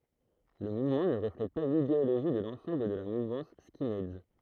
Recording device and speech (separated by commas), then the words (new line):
throat microphone, read sentence
Le mouvement ne reflète pas l'idéologie de l'ensemble de la mouvance skinheads.